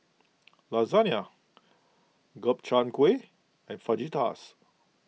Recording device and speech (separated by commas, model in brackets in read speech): mobile phone (iPhone 6), read sentence